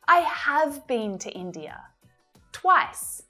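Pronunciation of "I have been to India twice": In 'I have been to India twice', 'have' is stressed, to emphasize that the statement is true.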